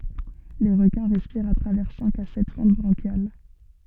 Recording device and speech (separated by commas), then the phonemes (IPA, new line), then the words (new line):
soft in-ear microphone, read sentence
le ʁəkɛ̃ ʁɛspiʁt a tʁavɛʁ sɛ̃k a sɛt fɑ̃t bʁɑ̃ʃjal
Les requins respirent à travers cinq à sept fentes branchiales.